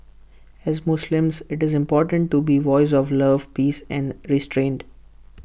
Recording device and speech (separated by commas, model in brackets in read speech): boundary microphone (BM630), read sentence